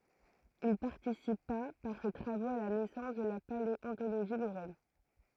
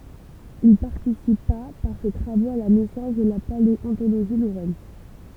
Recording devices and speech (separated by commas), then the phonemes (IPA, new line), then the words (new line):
throat microphone, temple vibration pickup, read sentence
il paʁtisipa paʁ se tʁavoz a la nɛsɑ̃s də la paleɔ̃toloʒi loʁɛn
Il participa par ses travaux à la naissance de la paléontologie lorraine.